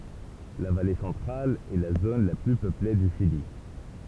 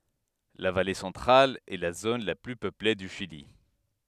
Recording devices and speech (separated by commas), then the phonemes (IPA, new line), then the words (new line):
temple vibration pickup, headset microphone, read sentence
la vale sɑ̃tʁal ɛ la zon la ply pøple dy ʃili
La Vallée Centrale est la zone la plus peuplée du Chili.